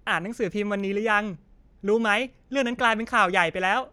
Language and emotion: Thai, happy